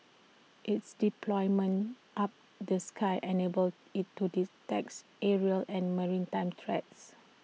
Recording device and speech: mobile phone (iPhone 6), read sentence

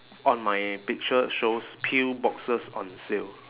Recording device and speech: telephone, conversation in separate rooms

